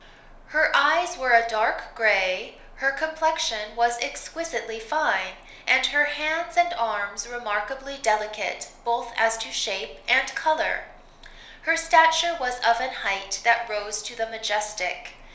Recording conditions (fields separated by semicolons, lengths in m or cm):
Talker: one person; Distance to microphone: 1.0 m; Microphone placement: close; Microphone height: 1.1 m; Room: small (3.7 m by 2.7 m); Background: none